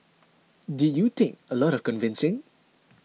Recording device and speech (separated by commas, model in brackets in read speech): mobile phone (iPhone 6), read sentence